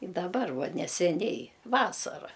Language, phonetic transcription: Lithuanian, i daˈbar ˈva neseˈniai ˈvasara

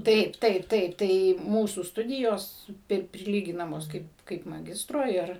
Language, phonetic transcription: Lithuanian, ˈtaip ˈtaip ˈtaip ˈtai ˈmūsų ˈstudijos ˈpir priˈlyginamos ˈkaip kaip maˈgistro ˈir

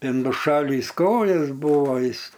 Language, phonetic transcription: Lithuanian, ˈtin nuˈšalįs ˈkojas ˈbūvo ˈjis

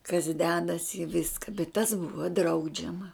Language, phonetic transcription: Lithuanian, kas ˈdedas i ˈviska bet tas ˈbuva ˈdraudžiama

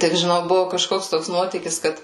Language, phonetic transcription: Lithuanian, ˈtik žiˈnau ˈbuvu kaˈžkoks ˈtoks ˈnuotykis ˈkad

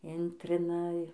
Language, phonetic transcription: Lithuanian, ˈintrina

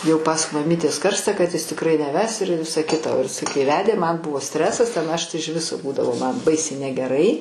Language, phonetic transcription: Lithuanian, jau pas maˈmytės ˈkarsta kad jis tikˈrai neˈves ir ˈvisa ˈkita o jiˈsai kai ˈvedė man ˈbuvo ˈstresas ˈten ˈaš ˈtai iž ˈviso ˈbūdavo ˈman ˈbaisiai negeˈrai

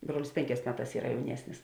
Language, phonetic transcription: Lithuanian, ˈbruolis ˈpėnˌkēs ˈmeˌtās ˈyra jauˈniesnis

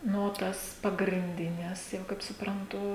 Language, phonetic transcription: Lithuanian, ˈnu o ˈtas pagrinˈdines jau kaip supranˈtu

